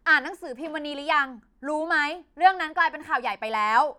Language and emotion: Thai, angry